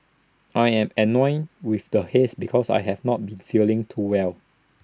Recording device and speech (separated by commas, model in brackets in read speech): standing microphone (AKG C214), read sentence